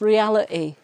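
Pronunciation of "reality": In 'reality', a glottal stop replaces the t sound.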